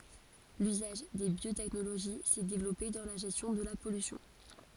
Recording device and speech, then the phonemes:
forehead accelerometer, read sentence
lyzaʒ de bjotɛknoloʒi sɛ devlɔpe dɑ̃ la ʒɛstjɔ̃ də la pɔlysjɔ̃

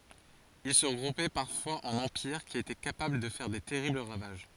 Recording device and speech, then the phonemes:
forehead accelerometer, read sentence
il sə ʁəɡʁupɛ paʁfwaz ɑ̃n ɑ̃piʁ ki etɛ kapabl də fɛʁ de tɛʁibl ʁavaʒ

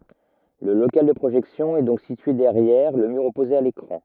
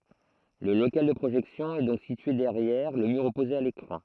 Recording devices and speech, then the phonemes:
rigid in-ear microphone, throat microphone, read sentence
lə lokal də pʁoʒɛksjɔ̃ ɛ dɔ̃k sitye dɛʁjɛʁ lə myʁ ɔpoze a lekʁɑ̃

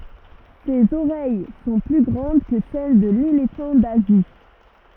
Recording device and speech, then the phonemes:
rigid in-ear microphone, read sentence
sez oʁɛj sɔ̃ ply ɡʁɑ̃d kə sɛl də lelefɑ̃ dazi

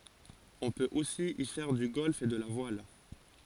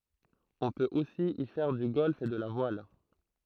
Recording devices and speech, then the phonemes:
forehead accelerometer, throat microphone, read sentence
ɔ̃ pøt osi i fɛʁ dy ɡɔlf e də la vwal

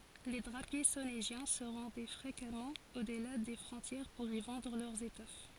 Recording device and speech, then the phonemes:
forehead accelerometer, read sentence
le dʁapje soneʒjɛ̃ sə ʁɑ̃dɛ fʁekamɑ̃ odla de fʁɔ̃tjɛʁ puʁ i vɑ̃dʁ lœʁz etɔf

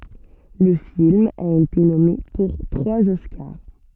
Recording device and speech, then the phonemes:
soft in-ear microphone, read sentence
lə film a ete nɔme puʁ tʁwaz ɔskaʁ

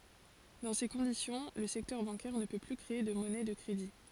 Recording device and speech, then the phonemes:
forehead accelerometer, read sentence
dɑ̃ se kɔ̃disjɔ̃ lə sɛktœʁ bɑ̃kɛʁ nə pø ply kʁee də mɔnɛ də kʁedi

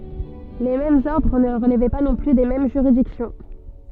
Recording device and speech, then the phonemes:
soft in-ear microphone, read sentence
le difeʁɑ̃z ɔʁdʁ nə ʁəlvɛ pa nɔ̃ ply de mɛm ʒyʁidiksjɔ̃

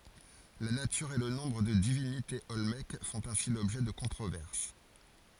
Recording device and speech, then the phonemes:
forehead accelerometer, read sentence
la natyʁ e lə nɔ̃bʁ də divinitez ɔlmɛk fɔ̃t ɛ̃si lɔbʒɛ də kɔ̃tʁovɛʁs

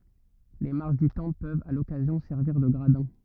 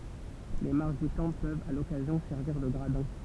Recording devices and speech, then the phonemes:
rigid in-ear microphone, temple vibration pickup, read sentence
le maʁʃ dy tɑ̃pl pøvt a lɔkazjɔ̃ sɛʁviʁ də ɡʁadɛ̃

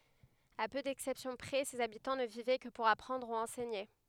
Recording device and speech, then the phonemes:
headset microphone, read sentence
a pø dɛksɛpsjɔ̃ pʁɛ sez abitɑ̃ nə vivɛ kə puʁ apʁɑ̃dʁ u ɑ̃sɛɲe

